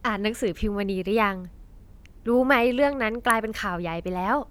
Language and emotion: Thai, happy